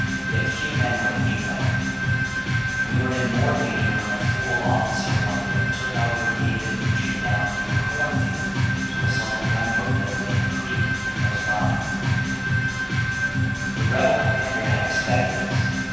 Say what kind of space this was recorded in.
A large and very echoey room.